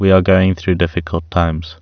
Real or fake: real